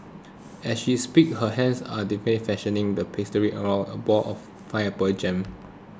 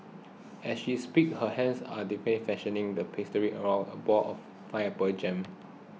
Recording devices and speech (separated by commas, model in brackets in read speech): close-talking microphone (WH20), mobile phone (iPhone 6), read sentence